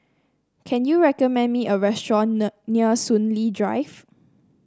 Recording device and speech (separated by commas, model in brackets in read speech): standing microphone (AKG C214), read sentence